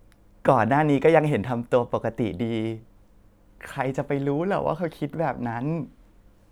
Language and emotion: Thai, sad